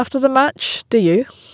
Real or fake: real